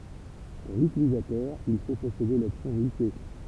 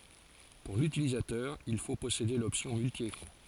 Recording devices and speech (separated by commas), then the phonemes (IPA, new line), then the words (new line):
temple vibration pickup, forehead accelerometer, read sentence
puʁ lytilizatœʁ il fo pɔsede lɔpsjɔ̃ myltjekʁɑ̃
Pour l'utilisateur il faut posséder l'option multi-écran.